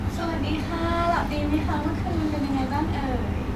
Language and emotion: Thai, happy